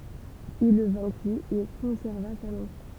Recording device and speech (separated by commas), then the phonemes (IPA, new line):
temple vibration pickup, read sentence
il lə vɛ̃ki e kɔ̃sɛʁva sa lɑ̃s